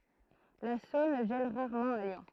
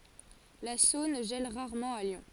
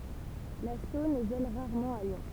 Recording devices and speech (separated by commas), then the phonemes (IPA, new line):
throat microphone, forehead accelerometer, temple vibration pickup, read sentence
la sɔ̃n ʒɛl ʁaʁmɑ̃ a ljɔ̃